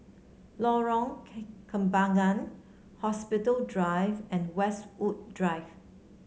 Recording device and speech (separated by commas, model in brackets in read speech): mobile phone (Samsung C7), read sentence